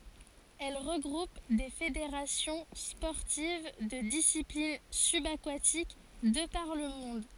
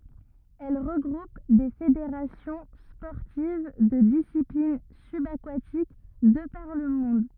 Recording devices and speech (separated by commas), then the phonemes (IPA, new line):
forehead accelerometer, rigid in-ear microphone, read sentence
ɛl ʁəɡʁup de fedeʁasjɔ̃ spɔʁtiv də disiplin sybakatik də paʁ lə mɔ̃d